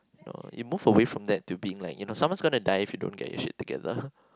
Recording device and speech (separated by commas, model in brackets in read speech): close-talking microphone, conversation in the same room